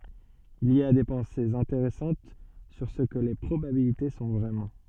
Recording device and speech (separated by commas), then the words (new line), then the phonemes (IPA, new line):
soft in-ear microphone, read sentence
Il y a des pensées intéressantes sur ce que les probabilités sont vraiment.
il i a de pɑ̃sez ɛ̃teʁɛsɑ̃t syʁ sə kə le pʁobabilite sɔ̃ vʁɛmɑ̃